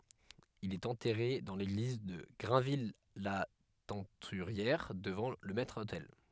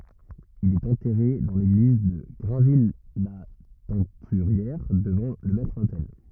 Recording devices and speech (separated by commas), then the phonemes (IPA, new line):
headset microphone, rigid in-ear microphone, read sentence
il ɛt ɑ̃tɛʁe dɑ̃ leɡliz də ɡʁɛ̃vijlatɛ̃tyʁjɛʁ dəvɑ̃ lə mɛtʁotɛl